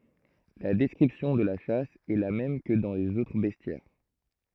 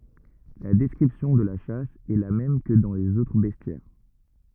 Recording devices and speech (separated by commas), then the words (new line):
throat microphone, rigid in-ear microphone, read sentence
La description de la chasse est la même que dans les autres bestiaires.